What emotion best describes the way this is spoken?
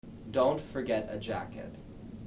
neutral